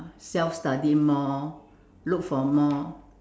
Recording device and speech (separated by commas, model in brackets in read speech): standing microphone, conversation in separate rooms